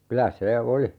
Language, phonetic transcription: Finnish, 'kylä 'se "oli .
- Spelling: kyllä se oli

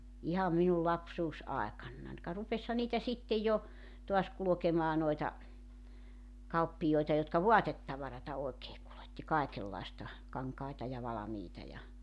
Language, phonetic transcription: Finnish, 'iham minul 'lapsuus₍aekannan ka 'rupesha niitä 'sitte ja , toas 'kulᵒkemaa noita , 'kauppijoeta jotka "voatettavarata oekee kuletti 'kaekellaesta , 'kaŋkaita ja 'valamiita ja ,.
- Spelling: ihan minun lapsuusaikanani ka rupesihan niitä sitten ja taas kulkemaan noita kauppiaita jotka vaatetavaraa oikein kuljetti kaikenlaista kankaita ja valmiita ja

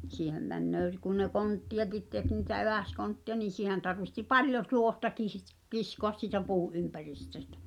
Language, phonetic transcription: Finnish, 'siihem 'männöö s- , kun ne "kontti₍akit tek ni̳tä 'evä̀skontti₍a nin̬ 'siihen tarvihti "paljo tuohta 'kiisit- , 'kiskoas siitä 'puu’ ’ympäristöstᴀ̈ .
- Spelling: siihen menee - kun ne konttejakin teki niitä eväskontteja niin siihen tarvitsi paljon tuohta - kiskoa siitä puun ympäristöstä

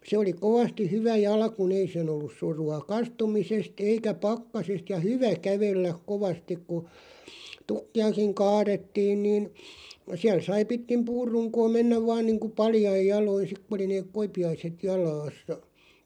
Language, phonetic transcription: Finnish, 'se oli 'kovasti "hyvä 'jalku'n ‿ei sen ‿ollus 'suru₍a "kastumises't ‿eikä "pakkasest ja "hyvä "kävelläk 'kovastik ku , 'tukki₍akiŋ "kaaðettiin niin , 'siäl 'sai 'pitkim "puur'ruŋkoo 'mennäv 'vaan niiŋku "paljaij 'jaloin̬ 'sik ku oli neeᵏ "koipi₍aiset 'jalaassa .
- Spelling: se oli kovasti hyvä jalkuin ei sen ollut surua kastumisesta eikä pakkasesta ja hyvä kävellä kovasti kun tukkejakin kaadettiin niin siellä sai pitkin puunrunkoa mennä vain niin kuin paljain jaloin sitten kun oli ne koipiaiset jalassa

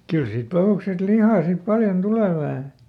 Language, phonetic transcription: Finnish, ˈkyl siit ˈpahùksest "lihà sip ˈpaljon ˈtulè vähä .
- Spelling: kyllä siitä pahuksesta lihaa sitten paljon tulee vähän

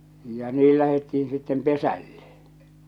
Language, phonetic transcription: Finnish, ja 'nii lähetti₍in sittem "pesälle .
- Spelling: ja niin lähdettiin sitten pesälle

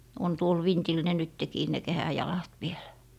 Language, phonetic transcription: Finnish, on 'tuol "vintil ne 'nyttekii ne "kehäjalat vielÄ .
- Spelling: on tuolla vintillä ne nytkin ne kehäjalat vielä

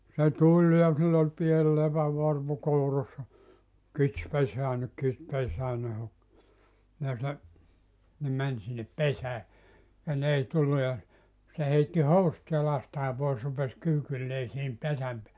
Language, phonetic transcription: Finnish, se "tuĺ ja sill ‿ol 'piel 'lepävvarpu 'kourassa , » kits 'peseännek kit 'pesäänne « hok , ja se , 'ne 'män sinnep "pesää , ja 'n ‿ei 'tullu ja , se 'heitti "housᵘt 'jalastaa 'pois rupes 'kyykyllee sihim 'pesäm peäle .
- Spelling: se tuli ja sillä oli pieni lepänvarpu kourassa kits pesäänne kit pesäänne hoki ja se ne meni sinne pesään ja ne ei tullut ja se heitti housut jalastaan pois rupesi kyykylleen siihen pesän päälle

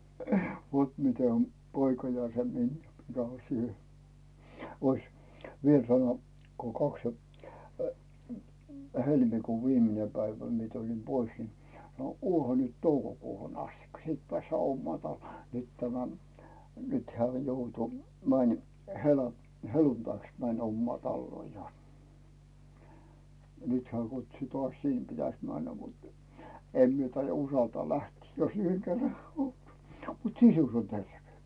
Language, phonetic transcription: Finnish, vot 'mite om , 'poika ja se 'minjä 'mikä on̬ siihe , ois , 'viel sano , ko kaks ja , 'helmikuuv "viimine päivä miᵉ tulin 'pois ni , » no "uoha nyt 'toukokuuhun astikka , 'siit pᵉä̀ssää "ommaa 'talluò « , nyt tämä , nyt 'heä̀ 'joutu , mäń hela- , "heluntaiks mäń 'ommaa 'talluò ja , ja nyt heä̀ kutsu 'tᵒas 'sìn pitäs männä mut , 'em mie taija 'usaltaa "lähtii , jos ‿yheŋ kerra , mut "sisus ‿on 'terve .
- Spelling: vot miten on poika ja se miniä mikä on siihen olisi vielä sanoa kun kaksi ja helmikuun viimeinen päivä minä tulin pois niin no olehan nyt toukokuuhun asti sitten päästään omaan taloon nyt tämä nyt hän joutui meni - helluntaiksi meni omaan taloon ja ja nyt hän kutsui taas sinne pitäisi mennä mutta en minä taida uskaltaa lähteä jos yhden kerran mutta sisus on terve

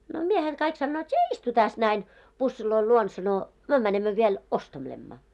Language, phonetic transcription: Finnish, no 'miehet 'kaik sannoot » sie "istu 'täs näin , 'pussiloil 'luon « sano , » 'myö mänemmö viel , 'ostelemma « .
- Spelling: no miehet kaikki sanovat sinä istu tässä näin pussien luona sanoi me menemme vielä ostelemme

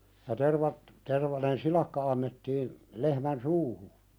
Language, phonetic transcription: Finnish, ja tervat , 'tervanen "silakka annettiin , lehmän "suuhu .
- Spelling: ja tervat tervainen silakka annettiin lehmän suuhun

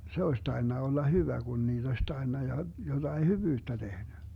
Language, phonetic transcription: Finnish, 'se oes 'tai̮nna 'olla "hyvä Gun niiD ‿oś 'tai̮nna ja 'joDai "hyvyyttä 'tehny .
- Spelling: se olisi tainnut olla hyvä kun niitä olisi tainnut ja jotakin hyvyyttä tehnyt

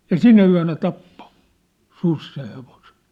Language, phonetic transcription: Finnish, ja "sinä yä̭nä "tappo , 'sus seʰ hevosᴇɴ .
- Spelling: ja sinä yönä tappoi susi sen hevosen

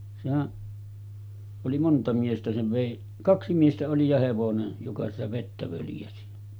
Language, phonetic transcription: Finnish, sehäˀ , oli 'monta miestä sev 'vèi , "kaksi 'miestä oli ja 'hevonen , joka sitä vettä völjäsi .
- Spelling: sehän oli monta miestä sen vei kaksi miestä oli ja hevonen joka sitä vettä völjäsi

